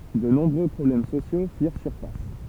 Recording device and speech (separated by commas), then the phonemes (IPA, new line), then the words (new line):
temple vibration pickup, read sentence
də nɔ̃bʁø pʁɔblɛm sosjo fiʁ syʁfas
De nombreux problèmes sociaux firent surface.